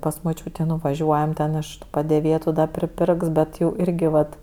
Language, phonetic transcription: Lithuanian, pas moˈčiūtė nuvaˈžiuojam ten iš tu padėˈvėtu da priˈpirks ˈbet ˈjau ˈirgi ˈvat

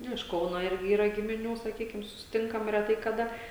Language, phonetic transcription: Lithuanian, ˈnu iš ˈkauno ˈirgi ˈyra gimiˈnių saˈkykim susiˈtinkam reˈtai kaˈda

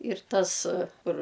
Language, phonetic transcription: Lithuanian, ir ˈtas ˈkur

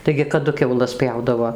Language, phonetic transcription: Lithuanian, taigi kaˈdu kiauˈlas ˈpjaudavo

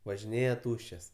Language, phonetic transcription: Lithuanian, važiˈnėja ˈtūščias

